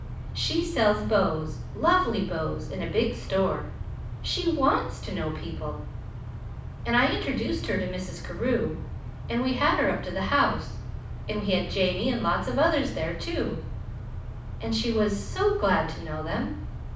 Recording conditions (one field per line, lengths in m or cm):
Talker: one person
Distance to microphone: 5.8 m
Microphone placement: far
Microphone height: 1.8 m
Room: medium-sized (5.7 m by 4.0 m)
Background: none